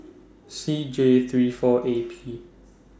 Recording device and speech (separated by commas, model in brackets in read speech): standing microphone (AKG C214), read sentence